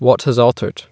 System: none